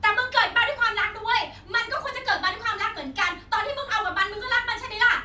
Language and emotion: Thai, angry